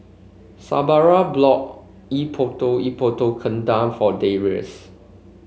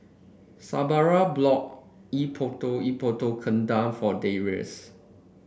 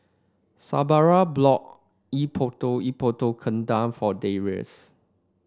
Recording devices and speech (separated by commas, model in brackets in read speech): mobile phone (Samsung C5), boundary microphone (BM630), standing microphone (AKG C214), read sentence